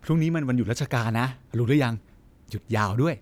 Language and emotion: Thai, happy